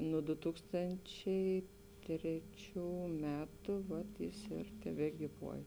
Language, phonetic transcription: Lithuanian, nuo du ˈtūkstančiai ˈtreˌčių ˈmetu ˈvat jis ir tebegyˈvuoj

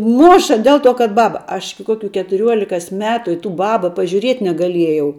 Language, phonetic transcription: Lithuanian, ˈmoša ˈdėl ˌto kad ˈbaba aš iki ˈkokiu ketuˈriuolikos ˈmetu i tų ˈbaba pažiūˈriet' negaˈliejau

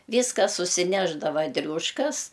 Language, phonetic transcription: Lithuanian, ˈvyska susiˈnešdava ˈdriūškas

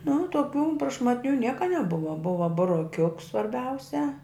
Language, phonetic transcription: Lithuanian, nu tuoˈkių prašmatˈnių ˈnieka neˈbuva ˈbuva buroˈkiuks svarˈbiausia

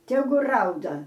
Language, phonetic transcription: Lithuanian, ˈtegu ˈrauda

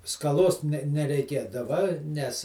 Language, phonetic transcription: Lithuanian, skaˈlos ne nereiˈkėdava ˈnes

